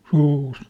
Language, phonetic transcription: Finnish, sûs !
- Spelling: susi

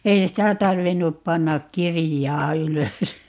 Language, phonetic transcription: Finnish, 'ei "sitä 'tarvinnup 'pannak "kirijaa 'ylös .
- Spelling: ei sitä tarvinnut panna kirjaan ylös

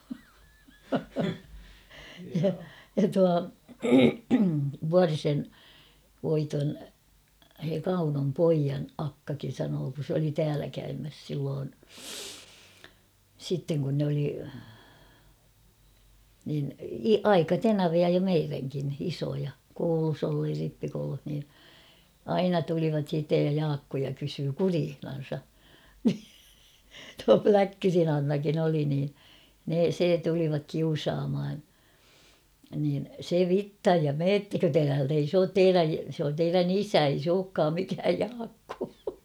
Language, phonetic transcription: Finnish, ja 'tua , "Vuarisen , 'Voiton , s̬e 'Kaunom "poijan 'akkakin̬ sanoo kun̬ s ‿oli 'täälä käymäs silloon , sitteŋ kun nᵉ ‿oli , niini- "aika'tenavia jo 'meiräŋkin 'isoja , 'koulus ‿olluj (ja) 'rippikouluh nii , "aina tulivat siittej ja 'Jaakkoja kysyy "kuriihnan̬sa , ni , tua "Pläkkyrin ‿'Annakin ‿oli nii , ne 'se tulivak 'kiusaamhan̬ , niin , 'se "vittaj ja » "meettäkö te täält ‿ei s ‿oot "teiräj- sᵉ ‿on 'teirän ‿"isä ei s ‿ookkaam mikääj 'Jaakkoo ! «
- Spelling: ja tuo Vuorisen Voiton se Kaunon pojan akkakin sanoi kun se oli täällä käymässä silloin sitten kun ne oli - aikatenavia jo meidänkin isoja koulussa ollut ja rippikoulussa niin aina tulivat sitten ja Jaakkoa kysyi kureissansa niin tuo Pläkkyrin Annakin oli niin ne se tulivat kiusaamaan niin se vitsan ja menettekö te täältä ei se ole - se on teidän isä ei se olekaan mikään Jaakko

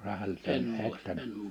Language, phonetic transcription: Finnish, sehäl , että ,.
- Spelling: sehän että

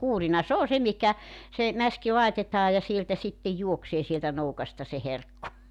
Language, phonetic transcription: Finnish, 'kuurina 's ‿oo 'se mihkä , se , 'mäski 'laitetaa ja 'sieltä 'sitte 'juoksee sieltä 'noukasta se 'herkku .
- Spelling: kuurina se on se mihinkä se mäski laitetaan ja sieltä sitten juoksee sieltä nokasta se herkku

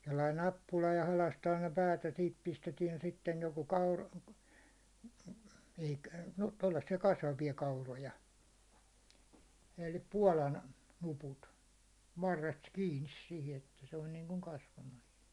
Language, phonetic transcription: Finnish, sellain̆ 'nappula ja 'halastaan ne päät ja siit pistetiɛn sittej joko kaur- , ᴇɪkᴀ̈- , no tollassi₍a 'kasvavi₍a 'kauroja , elli 'puålan , nuput , varrest 'kiinis sihi että se on niiŋkuŋ 'kasvamas .
- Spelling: sellainen nappula ja halkaistaan ne päät ja siitä pistetään sitten joko - - no tuollaisia kasvavia kauroja eli puolan nuput varresta kiinni siihen että se on niin kuin kasvamassa

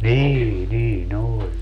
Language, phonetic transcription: Finnish, 'nii 'nii"n ‿oĺ .
- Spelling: niin niin oli

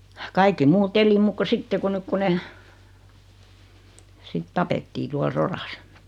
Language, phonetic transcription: Finnish, 'kaikki 'muut "eli muuk ko 'sitte ku 'nyk ku 'ne , 'sit "tapettii 'tual "soras .
- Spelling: kaikki muut eli muuta kuin sitten kun nyt kun ne sitten tapettiin tuolla sodassa

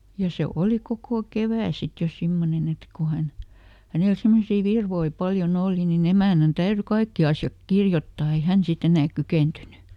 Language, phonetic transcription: Finnish, ja se ˈòli ˈkokò "kevä̀ ˈsit jo ˈsimmonen ‿et ko ˈhän , "hänel ˈsimmosii ˈvirvoi "paljo"n ‿òli niˈn ‿emä̀nän "täyry ˈkaikki asjak ˈkirjottaa ei ˈhän siˈt ‿enääk "kykèntyny .
- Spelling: ja se oli koko kevät sitten jo semmoinen että kun hän hänellä semmoisia virkoja paljon oli niin emännän täytyi kaikki asiat kirjoittaa ei hän sitten enää kykeentynyt

